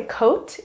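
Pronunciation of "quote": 'Quote' is pronounced incorrectly here.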